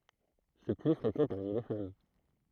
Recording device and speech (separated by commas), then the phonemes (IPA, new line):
throat microphone, read sentence
sɛ ply fʁekɑ̃ paʁmi le fam